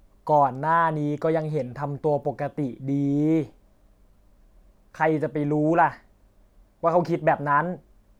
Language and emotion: Thai, frustrated